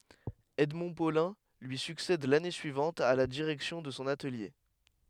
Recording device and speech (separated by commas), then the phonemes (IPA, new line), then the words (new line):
headset microphone, read sentence
ɛdmɔ̃ polɛ̃ lyi syksɛd lane syivɑ̃t a la diʁɛksjɔ̃ də sɔ̃ atəlje
Edmond Paulin lui succède l'année suivante à la direction de son atelier.